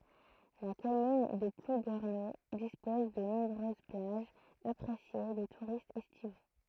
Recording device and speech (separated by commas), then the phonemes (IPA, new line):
throat microphone, read sentence
la kɔmyn də pluɡɛʁno dispɔz də nɔ̃bʁøz plaʒz apʁesje de tuʁistz ɛstivo